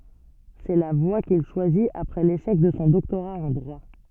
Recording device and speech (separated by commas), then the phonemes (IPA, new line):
soft in-ear microphone, read sentence
sɛ la vwa kil ʃwazit apʁɛ leʃɛk də sɔ̃ dɔktoʁa ɑ̃ dʁwa